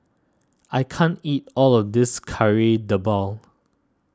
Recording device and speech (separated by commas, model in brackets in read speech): standing microphone (AKG C214), read sentence